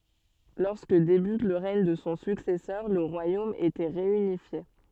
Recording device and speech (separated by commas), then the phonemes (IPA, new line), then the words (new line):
soft in-ear microphone, read sentence
lɔʁskə debyt lə ʁɛɲ də sɔ̃ syksɛsœʁ lə ʁwajom etɛ ʁeynifje
Lorsque débute le règne de son successeur le royaume était réunifié.